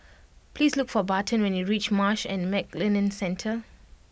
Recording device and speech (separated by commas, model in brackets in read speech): boundary microphone (BM630), read sentence